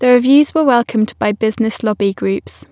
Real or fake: real